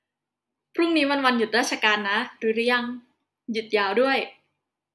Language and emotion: Thai, happy